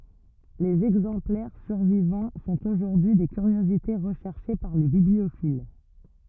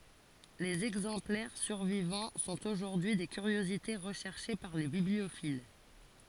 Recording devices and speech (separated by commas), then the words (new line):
rigid in-ear microphone, forehead accelerometer, read sentence
Les exemplaires survivants sont aujourd'hui des curiosités recherchées par les bibliophiles.